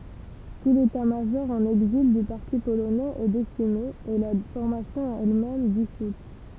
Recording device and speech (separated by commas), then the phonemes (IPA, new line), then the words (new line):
temple vibration pickup, read sentence
tu letatmaʒɔʁ ɑ̃n ɛɡzil dy paʁti polonɛz ɛ desime e la fɔʁmasjɔ̃ ɛlmɛm disut
Tout l'état-major en exil du parti polonais est décimé, et la formation elle-même dissoute.